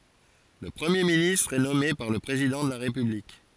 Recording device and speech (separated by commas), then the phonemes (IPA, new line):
forehead accelerometer, read sentence
lə pʁəmje ministʁ ɛ nɔme paʁ lə pʁezidɑ̃ də la ʁepyblik